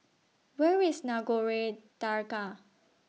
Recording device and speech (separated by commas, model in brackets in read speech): mobile phone (iPhone 6), read sentence